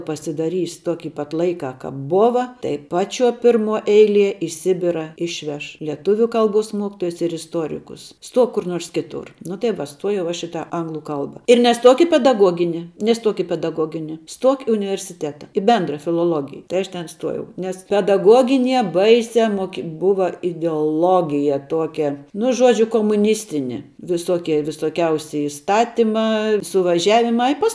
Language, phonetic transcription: Lithuanian, pasidaˈrys ˈtoki pat ˈlaikā ˈkāp ˈbova tai ˈpaˌčiuo ˈpirˌmuo ˈeilie i ˈsibira ˈišveš leˈtuviu ˈkalˌbuos ˈmuokitojus ir isˈtuorikus ˈstuok kur ˈnuors ˈkiˌtur nu tai ˈva ˈstuojau aš i tą ˈanglu ˈkalba ir neˈstuok i pedaˈguogini neˈstuok i pedaˈgogini ˈstuok i universiˈteta i ˈbendra filoˈlogija tai ˈaš ten ˈstuojau nes pedaˈgoginie ˈbaisia ˈmoki ˈbuva ideoˈlogija ˈtuokia nu ˈžuodžiu komuˈnistini viˈsoki visoˈkiausi iˈstatimā suvaˈžiavimā i pas

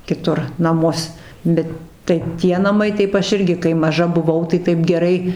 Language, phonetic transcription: Lithuanian, kiˈtur naˈmus ˈbet tai ˈtie naˈmai ˈtaip ˈaš ˈirgi kai maˈža buˈvau tai ˈtaip geˈrai

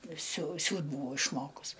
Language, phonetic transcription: Lithuanian, siu ˈsiūt ˈbuvau išˈmokus

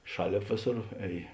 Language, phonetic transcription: Lithuanian, ˈšaˌlėp ˈvėˌsor ˈēj

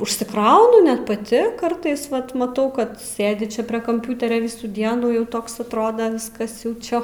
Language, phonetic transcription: Lithuanian, užsiˈkraunu ˈnet paˈti ˈkartais ˈvat maˈtau ˈkad ˈsėdi ˈčia ˈprie kamˈpiuterio ˈvisų ˈdienų ˈjau ˈtoks atˈroda ˈviskas jau ˈčia

